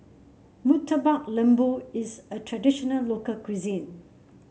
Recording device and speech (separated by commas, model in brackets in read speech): mobile phone (Samsung C7), read sentence